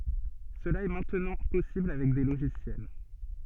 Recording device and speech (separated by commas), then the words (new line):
soft in-ear microphone, read sentence
Cela est maintenant possible avec des logiciels.